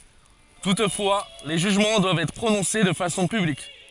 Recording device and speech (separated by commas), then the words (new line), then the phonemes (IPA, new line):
forehead accelerometer, read sentence
Toutefois, les jugements doivent être prononcés de façon publique.
tutfwa le ʒyʒmɑ̃ dwavt ɛtʁ pʁonɔ̃se də fasɔ̃ pyblik